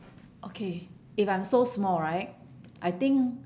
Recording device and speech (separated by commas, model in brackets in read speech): standing microphone, conversation in separate rooms